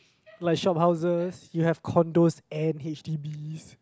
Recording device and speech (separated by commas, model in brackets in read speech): close-talking microphone, conversation in the same room